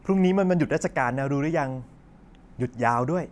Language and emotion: Thai, happy